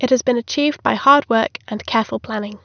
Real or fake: real